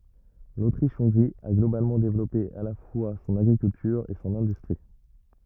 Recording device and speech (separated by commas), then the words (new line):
rigid in-ear microphone, read sentence
L'Autriche-Hongrie a globalement développé à la fois son agriculture et son industrie.